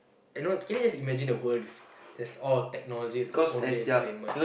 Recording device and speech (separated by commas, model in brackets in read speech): boundary microphone, conversation in the same room